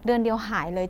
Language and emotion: Thai, neutral